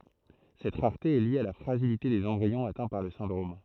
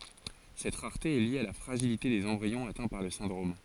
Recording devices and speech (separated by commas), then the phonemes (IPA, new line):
throat microphone, forehead accelerometer, read sentence
sɛt ʁaʁte ɛ lje a la fʁaʒilite dez ɑ̃bʁiɔ̃z atɛ̃ paʁ lə sɛ̃dʁom